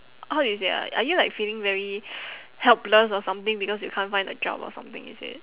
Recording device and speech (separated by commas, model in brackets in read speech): telephone, conversation in separate rooms